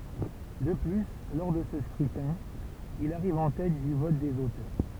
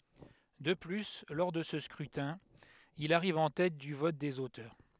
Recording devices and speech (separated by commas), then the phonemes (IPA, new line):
temple vibration pickup, headset microphone, read sentence
də ply lɔʁ də sə skʁytɛ̃ il aʁiv ɑ̃ tɛt dy vɔt dez otœʁ